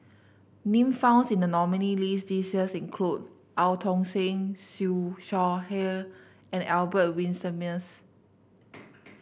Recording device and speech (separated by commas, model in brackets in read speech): boundary microphone (BM630), read sentence